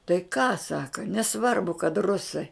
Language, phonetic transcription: Lithuanian, tai ką ˈsaka neˈsvarbu kad ˈrusai

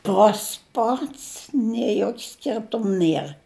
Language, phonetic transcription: Lithuanian, ˈtas ˈpats nie ˈjok' ˈskirtum ˈnier

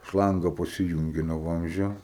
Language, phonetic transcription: Lithuanian, ˈšlanga pasiˈjūngi no ˈvamzdžio

